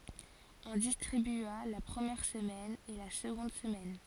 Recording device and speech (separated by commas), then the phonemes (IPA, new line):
forehead accelerometer, read sentence
ɔ̃ distʁibya la pʁəmjɛʁ səmɛn e la səɡɔ̃d səmɛn